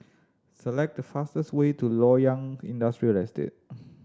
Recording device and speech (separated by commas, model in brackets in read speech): standing microphone (AKG C214), read sentence